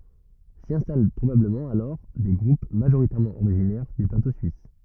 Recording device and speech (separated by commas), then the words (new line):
rigid in-ear microphone, read sentence
S'y installent probablement alors des groupes majoritairement originaires du plateau suisse.